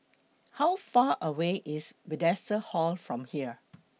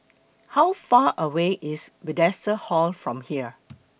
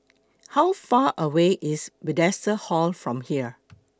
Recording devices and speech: mobile phone (iPhone 6), boundary microphone (BM630), close-talking microphone (WH20), read sentence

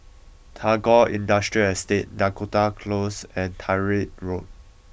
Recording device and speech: boundary microphone (BM630), read sentence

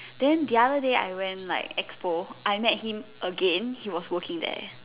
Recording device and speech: telephone, conversation in separate rooms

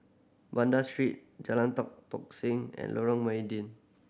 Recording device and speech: boundary microphone (BM630), read sentence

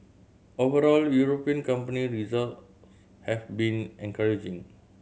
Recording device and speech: mobile phone (Samsung C7100), read sentence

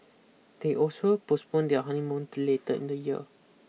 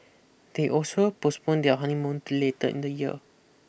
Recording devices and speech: mobile phone (iPhone 6), boundary microphone (BM630), read sentence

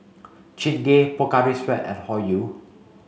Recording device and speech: mobile phone (Samsung C5), read sentence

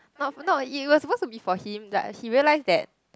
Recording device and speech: close-talking microphone, conversation in the same room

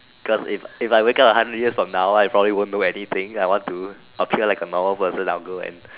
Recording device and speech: telephone, conversation in separate rooms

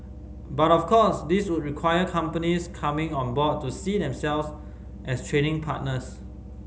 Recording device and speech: mobile phone (Samsung C5010), read sentence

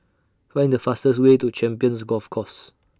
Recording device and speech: standing microphone (AKG C214), read sentence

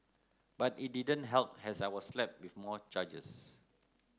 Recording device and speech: close-talking microphone (WH30), read sentence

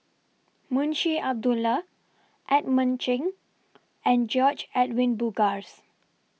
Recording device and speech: mobile phone (iPhone 6), read sentence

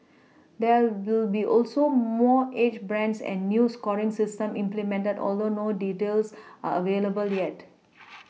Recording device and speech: mobile phone (iPhone 6), read sentence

